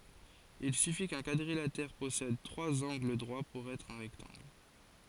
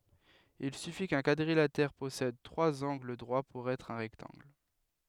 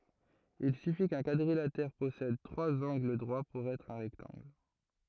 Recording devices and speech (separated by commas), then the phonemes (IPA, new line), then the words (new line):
forehead accelerometer, headset microphone, throat microphone, read sentence
il syfi kœ̃ kwadʁilatɛʁ pɔsɛd tʁwaz ɑ̃ɡl dʁwa puʁ ɛtʁ œ̃ ʁɛktɑ̃ɡl
Il suffit qu'un quadrilatère possède trois angles droits pour être un rectangle.